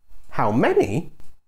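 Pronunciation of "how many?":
On 'how many', the voice rises and then falls.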